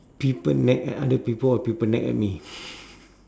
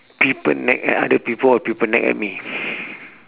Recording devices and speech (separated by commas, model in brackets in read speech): standing microphone, telephone, conversation in separate rooms